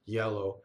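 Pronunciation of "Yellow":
'Yellow' is said the American English way, with an American English Y.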